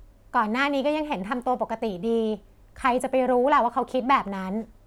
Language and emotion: Thai, frustrated